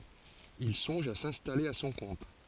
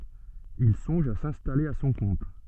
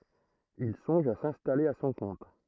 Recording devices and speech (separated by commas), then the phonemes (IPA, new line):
forehead accelerometer, soft in-ear microphone, throat microphone, read sentence
il sɔ̃ʒ a sɛ̃stale a sɔ̃ kɔ̃t